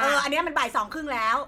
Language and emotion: Thai, angry